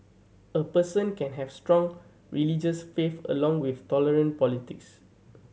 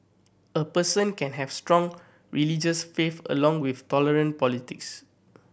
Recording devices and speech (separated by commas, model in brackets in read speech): mobile phone (Samsung C7100), boundary microphone (BM630), read sentence